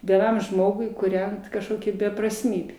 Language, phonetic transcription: Lithuanian, vieˈnam ˈžmogui kūˈrent kažˈkokia beprasˈmybė

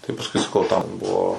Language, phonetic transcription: Lithuanian, tai pasˈkui saˈkau tam ˈbuo

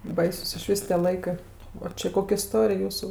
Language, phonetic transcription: Lithuanian, ˈbaisus iˈšvys tie ˈlaikɜ o ˈči ˈkok' iˈstorij ˈjūsu

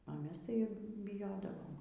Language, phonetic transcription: Lithuanian, o ˈmes ˈtai biˈjodavom

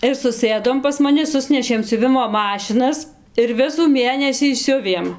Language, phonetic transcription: Lithuanian, ir suˈsɘdom pas maˈni ˈsusnešėm siuˈvimo ˈmašinas ir ˈvisų ˈmėnesį ˈsiuvėm

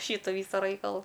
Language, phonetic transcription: Lithuanian, ˈšytu ˈvysu ˈraikalu

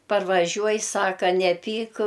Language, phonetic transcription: Lithuanian, parvaˈžiuoj ˈsaka neˈpyk

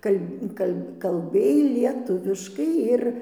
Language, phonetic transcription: Lithuanian, ˈkal' kal' kalˈbėj lieˈtuviškai ˈir

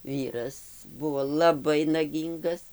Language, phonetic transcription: Lithuanian, ˈvyras ˈbuvo laˈbai naˈgyngas

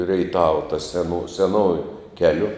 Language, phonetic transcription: Lithuanian, reiˈtava ta seˈnu seˈnoju ˈkeliu

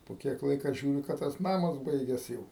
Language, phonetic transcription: Lithuanian, po ˈkiek ˈlaika ˈžiūri ka ˈtas ˈnamas ˈbaigias ˈjau

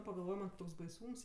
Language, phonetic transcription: Lithuanian, pagalˈvoj man' ˈtoks baiˈsūms

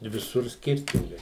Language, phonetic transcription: Lithuanian, i viˈsur ˈskirtingai

